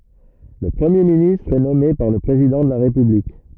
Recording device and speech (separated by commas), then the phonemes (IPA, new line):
rigid in-ear microphone, read sentence
lə pʁəmje ministʁ ɛ nɔme paʁ lə pʁezidɑ̃ də la ʁepyblik